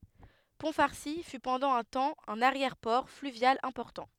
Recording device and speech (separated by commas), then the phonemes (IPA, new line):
headset microphone, read sentence
pɔ̃ faʁsi fy pɑ̃dɑ̃ œ̃ tɑ̃ œ̃n aʁjɛʁ pɔʁ flyvjal ɛ̃pɔʁtɑ̃